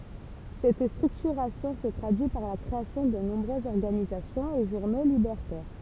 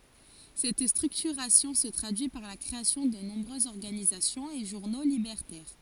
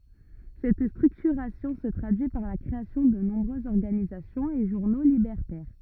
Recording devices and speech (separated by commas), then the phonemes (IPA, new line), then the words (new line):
temple vibration pickup, forehead accelerometer, rigid in-ear microphone, read sentence
sɛt stʁyktyʁasjɔ̃ sə tʁadyi paʁ la kʁeasjɔ̃ də nɔ̃bʁøzz ɔʁɡanizasjɔ̃z e ʒuʁno libɛʁtɛʁ
Cette structuration se traduit par la création de nombreuses organisations et journaux libertaires.